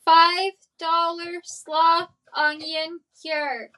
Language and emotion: English, neutral